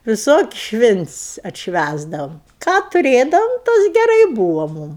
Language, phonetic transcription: Lithuanian, viˈsokis' ˈšvints' atšˈvæsdavom ką tuˈrėdavom ˈtas geˈrai ˈbūva ˈmum

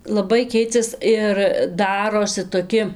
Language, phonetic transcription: Lithuanian, laˈbai ˈkeicias ir ˈdarosi toˈki

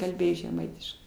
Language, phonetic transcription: Lithuanian, kalˈbėjo žeˈmaitiškai

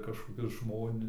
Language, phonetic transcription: Lithuanian, kažkoˈkius ˈžmoni

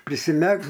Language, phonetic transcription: Lithuanian, prisiˈmegs

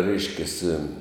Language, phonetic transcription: Lithuanian, ˈreiškiasi

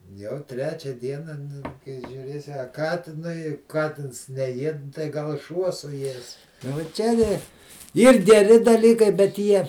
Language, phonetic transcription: Lithuanian, jau ˈtrečia ˈdiena ˈnu kai žiūˈrėsi a ˈkatinui ˈkatins neˈjied tai gal ˈšuo suˈjies vo ˈčia ti ˈyr geˈri daˈlykai bet ˈjie

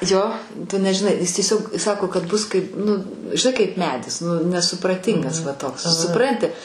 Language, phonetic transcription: Lithuanian, ˈjo ˈtu ˈnežiˈnai ˈjis tieˈsiog ˈsako kad ˈbus kaip ˈnu žiˈnai kaip ˈmedis ˈnu nesupraˈtingas va ˈtoks suˈpranti

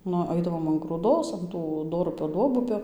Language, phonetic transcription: Lithuanian, ˈnu ˈaidavom an grūˈdos an ˈtų ˈdorupio ˈduobupio

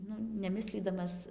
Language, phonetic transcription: Lithuanian, ˈnu neˈmislydamas

